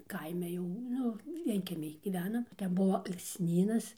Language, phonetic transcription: Lithuanian, ˈkaime jau ˈnu ˈvienkiemij ˈgyvenam ˈten ˈbuo alksˈnynas

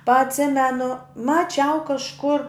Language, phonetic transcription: Lithuanian, pa atˈsimenu maˈčiau kažˈkur

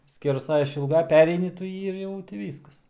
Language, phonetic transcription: Lithuanian, skerˈsai išilˈgai ˈpereini tu ˈjį ir ˈjau ti ˈvyskas

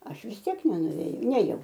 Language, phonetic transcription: Lithuanian, ˈaš vis ˈtiek nenuvėˈjau ˈnėjau

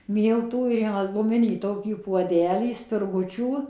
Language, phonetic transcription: Lithuanian, ˈmyltų ir ˈima guˈminį ˈtokį puoˈdelį spirˈgučių

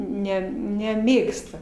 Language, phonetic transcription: Lithuanian, ˈne neˈmėgsta

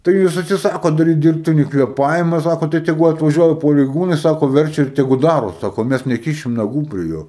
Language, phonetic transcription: Lithuanian, tai ˈjūs atsiˈsakot daˈryt ˈdirbtinį kvėˈpavima ˈsako tai teˈgu atvaˈžiuoja pareiˈgūnai ˈsako ˈverčia ir teˈgu ˈdaro ˈsako ˈmæs neˈkišim naˈgų prie ˈjo

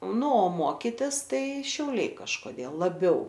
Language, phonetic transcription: Lithuanian, ˈnu o ˈmokitisˈtai šiauˈliai kažkoˈdėl laˈbiau

